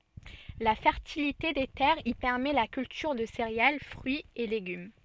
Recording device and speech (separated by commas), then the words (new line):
soft in-ear microphone, read sentence
La fertilité des terres y permet la culture de céréales, fruits et légumes.